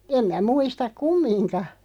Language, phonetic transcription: Finnish, 'em mä 'muistak "kummiŋka .
- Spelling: en minä muista kumminkaan

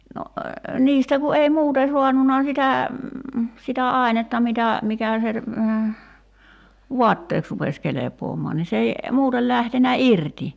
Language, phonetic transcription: Finnish, no , 'niistä ku ei "muute 'suannuna sitä , 'sitä "ài̬netta mitä , 'mikä̀ se , "vuatteeks rupes 'kelep̀oomɔan ni s ‿ei , 'muutel lähtenä "irti .
- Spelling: no niistä kun ei muuten saanut sitä sitä ainetta mitä mikä se vaatteeksi rupesi kelpaamaan niin se ei muuten lähtenyt irti

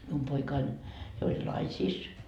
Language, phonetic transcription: Finnish, mium 'poikain , jo oĺ "naisiis .
- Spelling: minun poikani jo oli naisissa

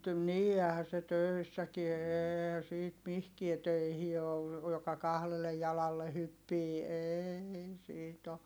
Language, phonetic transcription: Finnish, nii ɛɛhä se tö̀issäkie eeehä siit mihkie töihi oo , joka kahlelle jalalle hyppii eeei siit ‿o .
- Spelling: niin eihän se töissäkään eihän siitä mihinkään töihin ole joka kahdelle jalalle hyppii ei siitä ole

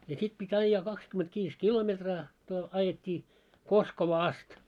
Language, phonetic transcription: Finnish, ja 'sit pi't́ ‿aijjaa 'kakskymet'viis "kilometraa , to- ajet́t́ii , 'Koskovaa 'ast .
- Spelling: ja sitten piti ajaa kaksikymmentäviisi kilometriä - ajettiin Koskovaan asti

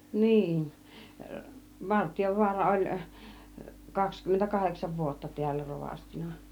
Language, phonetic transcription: Finnish, 'niin , 'Vartijovuara 'oĺ , 'kakskymmentä "kaheksav 'vuotta ti̬ällä 'rovastina .
- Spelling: niin Vartiovaara oli kaksikymmentä kahdeksan vuotta täällä rovastina

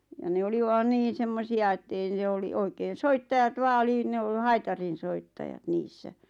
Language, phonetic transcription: Finnish, ja 'ne oli van 'niin̬ 'semmosi₍a ettei ⁿᵉ oli 'oikeen̬ "soittajat 'vaa ᵒli ne o- 'haitarinsoittajat 'niissä .
- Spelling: ja ne oli vain niin semmoisia että ei ne oli oikein soittajat vain oli ne - haitarinsoittajat niissä

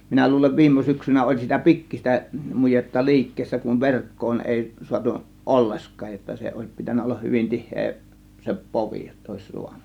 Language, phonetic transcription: Finnish, 'minä 'luulev "viim̆mo 'syksynä oĺ sitä "pikkis̆tä , 'mujetta "li̬ikkeessä kuv "verk̀koon èi , 'suatu , "ˀolleskaaj jotta 'se òės pitännä 'ollah 'hyvin "tihhee , se "povi jott ‿òės 'suan̆(na) .
- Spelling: minä luulen viime syksynä oli sitä pikkuista mujetta liikkeessä kun verkkoon ei saatu ollenkaan jotta se olisi pitänyt olla hyvin tiheä se povi jotta olisi saanut

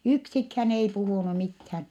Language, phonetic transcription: Finnish, yksikhän ei puhùnu mithän .
- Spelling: yksikään ei puhunut mitään

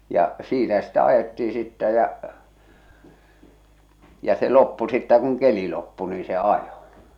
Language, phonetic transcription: Finnish, ja , "siinä sitä ajetti₍i sittä jä , ja͕ se 'loppu sittä kuŋ "keli loppu nii se 'ajo .
- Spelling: ja siinä sitä ajettiin sitten ja ja se loppui sitten kun keli loppui niin se ajo

